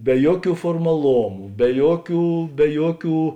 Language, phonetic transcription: Lithuanian, be ˈjuoˌkių formaˈlomu be ˈjuoˌkių be ˈjuoˌkių

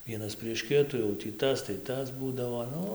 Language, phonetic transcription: Lithuanian, ˈvienas prieš ˈkitų jau tį ˈtas tai ˈtas ˈbūdavo ˈnu

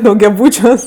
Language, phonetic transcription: Lithuanian, daugiaˈbūčiuos

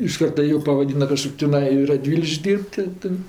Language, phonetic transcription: Lithuanian, iš ˈkarta ˈjų pavaˈdyna kaˈžkok' tiˈnai i raˈdvylikš'k' ˈdyr'b't' ti ˈtɜ

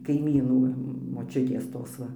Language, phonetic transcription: Lithuanian, kaiˈmynų moˈčiutės ˈtos ˈva

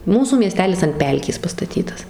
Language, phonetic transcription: Lithuanian, ˈmūsų mieˈstelis ant ˈpelkės pastaˈtytas

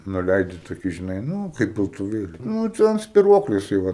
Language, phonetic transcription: Lithuanian, nuˈleidi toˈkį žiˈnai ˈnū kaip piltuˈvėli ˈnū ˈte an spiˈruokliu jiˈsai ˈva

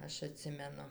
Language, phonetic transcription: Lithuanian, ˈaš aˈtsimenu

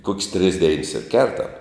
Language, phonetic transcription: Lithuanian, kok's' tris deins ir ˈkertam

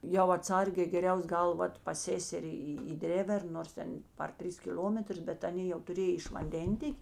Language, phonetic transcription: Lithuanian, jau atˈsargė geˈriaus ˈgal ˈvat pas ˈsėseri į į ˈdrėvern nors ˈten par ˈtris kiˈl'ometrus ˈbet aˈnė jau tuˈrėj iš vanˈdentėk'

